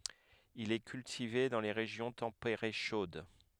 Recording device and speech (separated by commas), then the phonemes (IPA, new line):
headset microphone, read sentence
il ɛ kyltive dɑ̃ le ʁeʒjɔ̃ tɑ̃peʁe ʃod